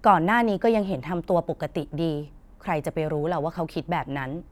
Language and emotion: Thai, frustrated